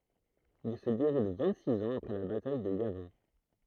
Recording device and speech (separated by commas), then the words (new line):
throat microphone, read sentence
Il se déroule vingt-six ans après la bataille de Yavin.